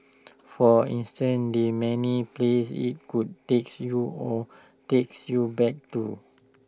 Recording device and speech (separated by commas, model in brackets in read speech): standing microphone (AKG C214), read sentence